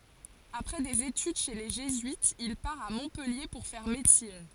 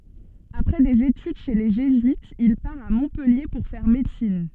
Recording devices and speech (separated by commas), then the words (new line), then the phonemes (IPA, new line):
forehead accelerometer, soft in-ear microphone, read sentence
Après des études chez les jésuites, il part à Montpellier pour faire médecine.
apʁɛ dez etyd ʃe le ʒezyitz il paʁ a mɔ̃pɛlje puʁ fɛʁ medəsin